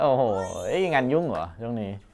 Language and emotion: Thai, happy